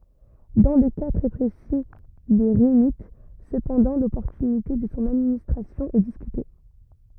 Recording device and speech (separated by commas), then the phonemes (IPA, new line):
rigid in-ear microphone, read sentence
dɑ̃ lə ka tʁɛ pʁesi de ʁinit səpɑ̃dɑ̃ lɔpɔʁtynite də sɔ̃ administʁasjɔ̃ ɛ diskyte